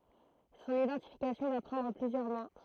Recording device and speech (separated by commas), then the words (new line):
throat microphone, read sentence
Son identification va prendre plusieurs mois.